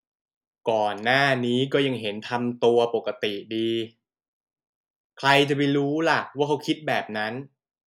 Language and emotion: Thai, frustrated